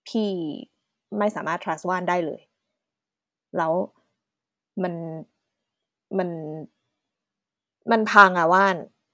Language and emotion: Thai, frustrated